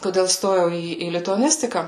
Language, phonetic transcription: Lithuanian, koˈdėl ˈstojau ˈį į lituaˈnistiką

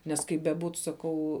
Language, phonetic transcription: Lithuanian, nes ˈkaip beˈbūt saˈkau

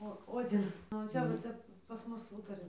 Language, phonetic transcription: Lithuanian, o ˈodzinas nu va ˈčia va ˈtep pas ˈmus ˈūtari

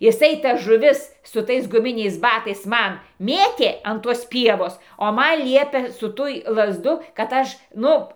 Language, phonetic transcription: Lithuanian, jiˈsai tas žuˈvis su ˈtais guˈminiais ˈbatais ˈman ˈmėtė an ˈtuos ˈpievos o ˈman ˈliepė su ˈtuj lazˈdų kad ˈaš ˈnu

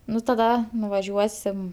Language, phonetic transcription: Lithuanian, ˈnu taˈda nuvaˈžiuosim

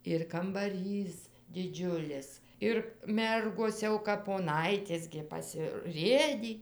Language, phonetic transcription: Lithuanian, ir kambaˈrys diˈdžiulis ir ˈmergos ˈjau kap poˈnaitės gi pasiˈrėdį

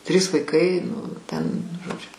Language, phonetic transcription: Lithuanian, ˈtrys vaiˈkai ˈnu ˈten žoˈdžiu

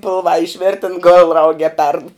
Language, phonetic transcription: Lithuanian, ˈpilvā išˈvėrten gol ˈraug e perd

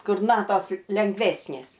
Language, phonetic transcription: Lithuanian, ˈkur ˈnatos lengˈvesnės

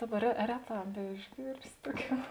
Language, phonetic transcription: Lithuanian, ˈdaˌba re ˈreˌtā beišˈgyrsi ˈtuoˌkių

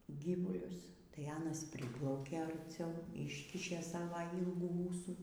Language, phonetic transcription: Lithuanian, ˈgyvulius tai ˈanas ˈpriplaukė arˈciau ˈiškišė ˈsava ˈylgų ˈūsų

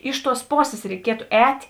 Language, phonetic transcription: Lithuanian, ˈiš ˌtuos ˈposės reiˈkietu ˈēt'

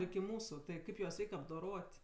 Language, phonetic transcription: Lithuanian, iki ˈmūsu tai ˈkaip juos ˈreik' apdoˈrot'

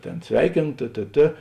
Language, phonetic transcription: Lithuanian, ˈtėn ˈsveikėno tė tė ˈtė

